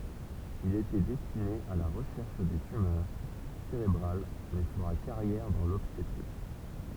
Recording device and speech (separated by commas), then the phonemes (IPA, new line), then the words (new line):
temple vibration pickup, read sentence
il etɛ dɛstine a la ʁəʃɛʁʃ de tymœʁ seʁebʁal mɛ fəʁa kaʁjɛʁ dɑ̃ lɔbstetʁik
Il était destiné à la recherche des tumeurs cérébrales mais fera carrière dans l'obstétrique.